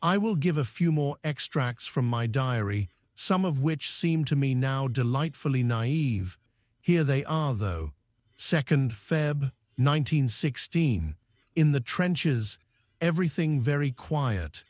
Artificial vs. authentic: artificial